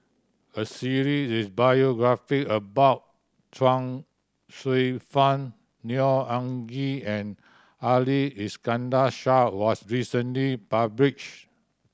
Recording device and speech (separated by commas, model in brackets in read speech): standing microphone (AKG C214), read sentence